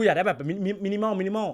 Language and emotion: Thai, neutral